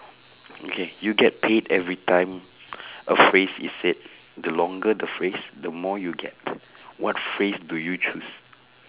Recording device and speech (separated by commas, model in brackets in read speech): telephone, conversation in separate rooms